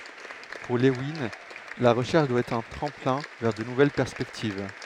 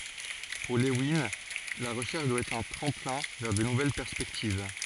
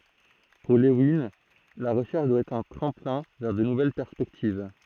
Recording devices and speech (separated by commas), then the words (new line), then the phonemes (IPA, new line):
headset microphone, forehead accelerometer, throat microphone, read sentence
Pour Lewin, la recherche doit être un tremplin vers de nouvelles perspectives.
puʁ levin la ʁəʃɛʁʃ dwa ɛtʁ œ̃ tʁɑ̃plɛ̃ vɛʁ də nuvɛl pɛʁspɛktiv